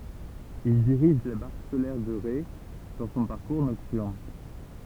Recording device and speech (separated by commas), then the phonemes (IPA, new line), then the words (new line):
temple vibration pickup, read sentence
il diʁiʒ la baʁk solɛʁ də ʁe dɑ̃ sɔ̃ paʁkuʁ nɔktyʁn
Il dirige la barque solaire de Ré dans son parcours nocturne.